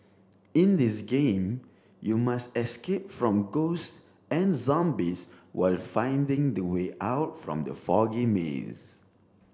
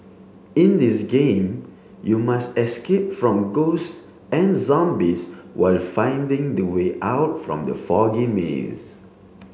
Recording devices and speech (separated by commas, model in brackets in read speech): standing microphone (AKG C214), mobile phone (Samsung C7), read sentence